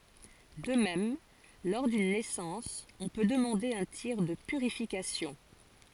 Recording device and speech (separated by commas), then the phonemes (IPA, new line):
forehead accelerometer, read sentence
də mɛm lɔʁ dyn nɛsɑ̃s ɔ̃ pø dəmɑ̃de œ̃ tiʁ də pyʁifikasjɔ̃